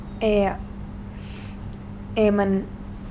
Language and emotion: Thai, sad